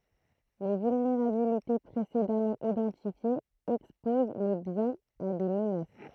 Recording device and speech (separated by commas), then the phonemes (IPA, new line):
throat microphone, read sentence
le vylneʁabilite pʁesedamɑ̃ idɑ̃tifjez ɛkspoz le bjɛ̃z a de mənas